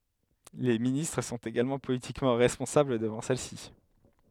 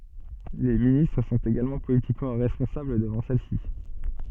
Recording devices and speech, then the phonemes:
headset microphone, soft in-ear microphone, read sentence
le ministʁ sɔ̃t eɡalmɑ̃ politikmɑ̃ ʁɛspɔ̃sabl dəvɑ̃ sɛl si

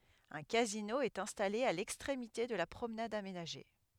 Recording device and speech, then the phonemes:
headset microphone, read sentence
œ̃ kazino ɛt ɛ̃stale a lɛkstʁemite də la pʁomnad amenaʒe

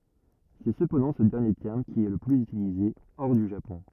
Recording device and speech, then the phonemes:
rigid in-ear microphone, read sentence
sɛ səpɑ̃dɑ̃ sə dɛʁnje tɛʁm ki ɛ lə plyz ytilize ɔʁ dy ʒapɔ̃

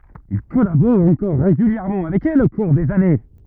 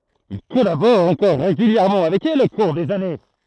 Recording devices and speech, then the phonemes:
rigid in-ear microphone, throat microphone, read sentence
il kɔlabɔʁ ɑ̃kɔʁ ʁeɡyljɛʁmɑ̃ avɛk ɛl o kuʁ dez ane

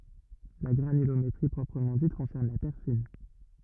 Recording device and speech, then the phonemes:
rigid in-ear microphone, read sentence
la ɡʁanylometʁi pʁɔpʁəmɑ̃ dit kɔ̃sɛʁn la tɛʁ fin

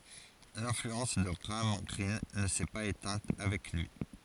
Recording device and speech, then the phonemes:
forehead accelerometer, read sentence
lɛ̃flyɑ̃s də ɡʁaam ɡʁin nə sɛ paz etɛ̃t avɛk lyi

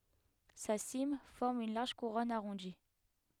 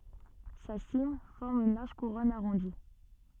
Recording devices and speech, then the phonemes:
headset microphone, soft in-ear microphone, read sentence
sa sim fɔʁm yn laʁʒ kuʁɔn aʁɔ̃di

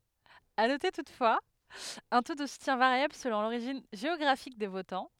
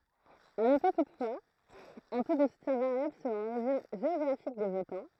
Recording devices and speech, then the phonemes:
headset microphone, throat microphone, read sentence
a note tutfwaz œ̃ to də sutjɛ̃ vaʁjabl səlɔ̃ loʁiʒin ʒeɔɡʁafik de votɑ̃

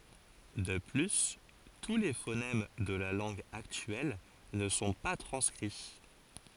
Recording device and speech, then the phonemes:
forehead accelerometer, read sentence
də ply tu le fonɛm də la lɑ̃ɡ aktyɛl nə sɔ̃ pa tʁɑ̃skʁi

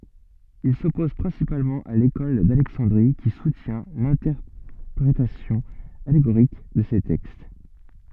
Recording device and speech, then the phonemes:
soft in-ear microphone, read sentence
il sɔpoz pʁɛ̃sipalmɑ̃ a lekɔl dalɛksɑ̃dʁi ki sutjɛ̃ lɛ̃tɛʁpʁetasjɔ̃ aleɡoʁik də se tɛkst

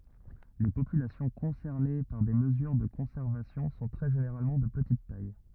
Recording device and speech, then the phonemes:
rigid in-ear microphone, read sentence
le popylasjɔ̃ kɔ̃sɛʁne paʁ de məzyʁ də kɔ̃sɛʁvasjɔ̃ sɔ̃ tʁɛ ʒeneʁalmɑ̃ də pətit taj

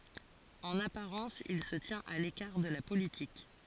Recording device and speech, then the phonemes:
forehead accelerometer, read sentence
ɑ̃n apaʁɑ̃s il sə tjɛ̃t a lekaʁ də la politik

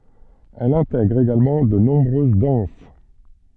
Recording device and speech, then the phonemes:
soft in-ear microphone, read sentence
ɛl ɛ̃tɛɡʁ eɡalmɑ̃ də nɔ̃bʁøz dɑ̃s

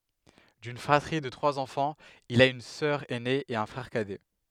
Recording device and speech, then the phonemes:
headset microphone, read sentence
dyn fʁatʁi də tʁwaz ɑ̃fɑ̃z il a yn sœʁ ɛne e œ̃ fʁɛʁ kadɛ

